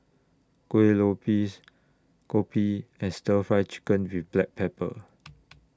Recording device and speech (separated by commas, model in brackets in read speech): standing microphone (AKG C214), read sentence